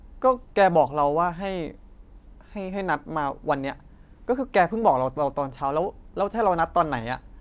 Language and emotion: Thai, frustrated